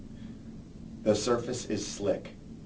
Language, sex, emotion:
English
male
neutral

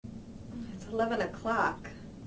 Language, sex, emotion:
English
female
disgusted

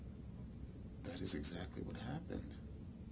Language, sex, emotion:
English
male
neutral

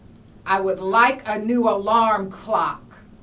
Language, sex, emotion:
English
female
angry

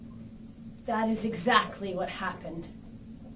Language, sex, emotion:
English
female
disgusted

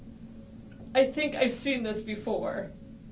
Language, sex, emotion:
English
female
sad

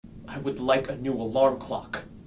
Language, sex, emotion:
English
male
angry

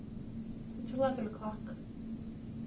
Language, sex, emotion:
English
female
neutral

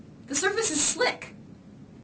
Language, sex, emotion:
English
female
fearful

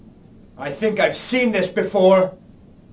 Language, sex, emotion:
English
male
angry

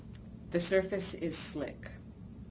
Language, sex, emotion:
English
female
neutral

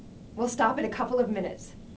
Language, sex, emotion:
English
female
angry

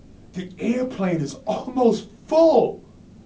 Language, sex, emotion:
English
male
disgusted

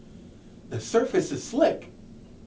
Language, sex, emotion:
English
male
neutral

